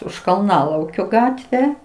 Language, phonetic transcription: Lithuanian, už kalˈnalaukio ˈgatve

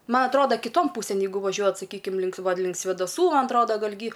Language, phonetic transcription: Lithuanian, ˈma atˈroda kiˈton ˈpūsėn ˈjeigu vaˈžiuojat saˈkykim link ˈva ˈlink svėdaˈsų ˈman atˈroda ˈgal' gy

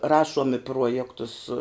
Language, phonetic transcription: Lithuanian, ˈrašuom i ˈpruojektus

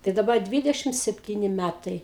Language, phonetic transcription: Lithuanian, tai daˈba ˈdvidešim sepˈtyni ˈmætai

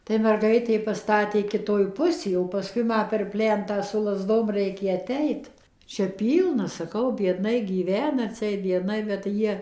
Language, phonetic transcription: Lithuanian, tai merˈgaitė paˈstatė kiˈtoj ˈpusė o paˈskui ˈma per ˈplentą su lazˈdom ˈreikė aˈteit ˈčia ˈpylna saˈkau bieˈdnai gyˈvena atsiˈeit bieˈdnai bet ˈjie

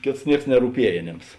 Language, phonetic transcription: Lithuanian, ˈkėts ˈnieks nerūˈpiej aˈnėms

